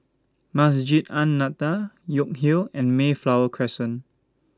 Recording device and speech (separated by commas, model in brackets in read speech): standing microphone (AKG C214), read sentence